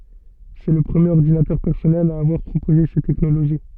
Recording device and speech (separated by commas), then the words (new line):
soft in-ear microphone, read sentence
C'est le premier ordinateur personnel à avoir proposé cette technologie.